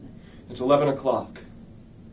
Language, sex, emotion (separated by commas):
English, male, neutral